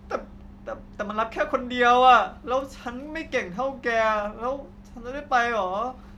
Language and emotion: Thai, sad